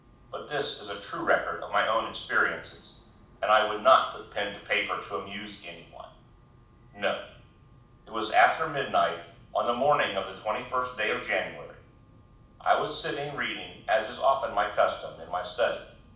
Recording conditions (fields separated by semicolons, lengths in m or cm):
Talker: one person; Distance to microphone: 5.8 m; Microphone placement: far; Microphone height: 1.8 m; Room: medium-sized (5.7 m by 4.0 m); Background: none